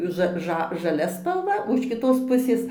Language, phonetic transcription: Lithuanian, ˈža ˈža žaˈlia spalˈva o iš kiˈtos ˈpusės

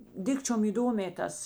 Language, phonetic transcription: Lithuanian, ˈdikčiom įˈdomė ˈtas

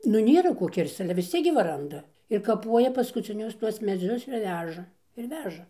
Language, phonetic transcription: Lithuanian, nu ˈnėra ˈko ˈkirsc ˈale vis ˈciek gi va ˈranda ir kaˈpuoja paskuciˈnius ˈtuos meˈdzius ir ˈveža ir ˈveža

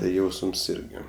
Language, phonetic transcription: Lithuanian, tai ˈjausms ˈirgi

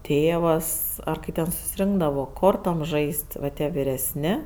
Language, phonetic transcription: Lithuanian, ˈtėvas ˈar kai ten susiˈrinkdavo ˈkortom ˈžaist' va ˈtie viresˈni

